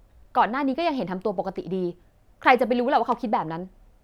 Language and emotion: Thai, frustrated